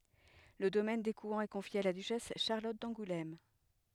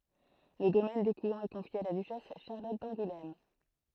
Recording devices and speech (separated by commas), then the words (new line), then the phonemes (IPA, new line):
headset microphone, throat microphone, read sentence
Le domaine d'Écouen est confié à la duchesse Charlotte d'Angoulême.
lə domɛn dekwɛ̃ ɛ kɔ̃fje a la dyʃɛs ʃaʁlɔt dɑ̃ɡulɛm